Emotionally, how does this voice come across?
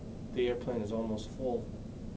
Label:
neutral